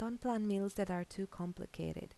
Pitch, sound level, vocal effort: 195 Hz, 81 dB SPL, soft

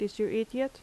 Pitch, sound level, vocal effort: 220 Hz, 81 dB SPL, normal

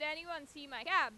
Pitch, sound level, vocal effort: 305 Hz, 99 dB SPL, loud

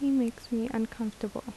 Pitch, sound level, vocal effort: 230 Hz, 75 dB SPL, soft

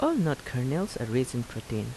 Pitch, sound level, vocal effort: 125 Hz, 79 dB SPL, soft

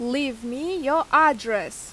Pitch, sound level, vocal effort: 275 Hz, 90 dB SPL, very loud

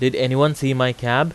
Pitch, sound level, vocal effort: 130 Hz, 91 dB SPL, loud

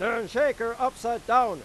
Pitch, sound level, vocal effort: 235 Hz, 104 dB SPL, very loud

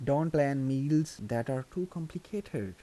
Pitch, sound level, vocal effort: 145 Hz, 81 dB SPL, soft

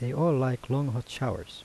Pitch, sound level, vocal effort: 130 Hz, 80 dB SPL, soft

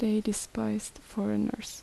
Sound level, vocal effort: 72 dB SPL, soft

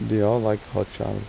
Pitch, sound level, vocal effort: 105 Hz, 84 dB SPL, soft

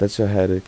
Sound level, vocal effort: 83 dB SPL, soft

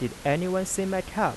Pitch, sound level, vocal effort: 185 Hz, 87 dB SPL, soft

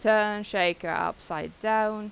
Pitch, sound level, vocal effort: 210 Hz, 90 dB SPL, loud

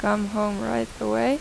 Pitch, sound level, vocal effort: 205 Hz, 87 dB SPL, normal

